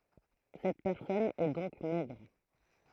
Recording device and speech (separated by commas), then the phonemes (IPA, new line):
throat microphone, read sentence
sɛt pɛʁsɔn ɛ dɔ̃k mɛɡʁ